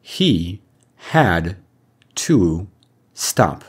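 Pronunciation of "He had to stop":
'He had to stop' is said in an extremely direct way, not with the linked pronunciation of connected speech.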